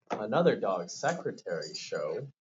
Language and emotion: English, surprised